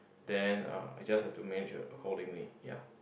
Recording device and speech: boundary microphone, conversation in the same room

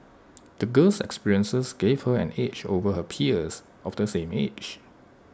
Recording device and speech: standing microphone (AKG C214), read sentence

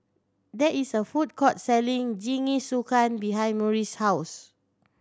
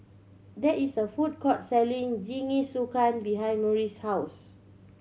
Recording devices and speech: standing microphone (AKG C214), mobile phone (Samsung C7100), read sentence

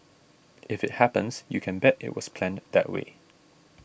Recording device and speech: boundary microphone (BM630), read sentence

